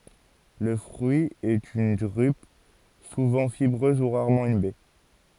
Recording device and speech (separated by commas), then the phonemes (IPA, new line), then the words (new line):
forehead accelerometer, read sentence
lə fʁyi ɛt yn dʁyp suvɑ̃ fibʁøz u ʁaʁmɑ̃ yn bɛ
Le fruit est une drupe, souvent fibreuse ou rarement une baie.